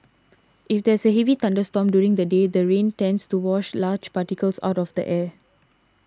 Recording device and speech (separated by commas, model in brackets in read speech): standing microphone (AKG C214), read sentence